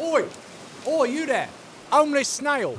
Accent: with british accent